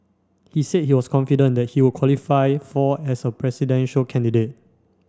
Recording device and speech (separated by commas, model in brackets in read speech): standing microphone (AKG C214), read sentence